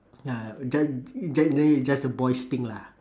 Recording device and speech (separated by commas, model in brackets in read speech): standing microphone, conversation in separate rooms